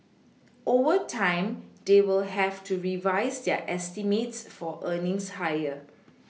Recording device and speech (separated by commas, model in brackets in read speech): mobile phone (iPhone 6), read sentence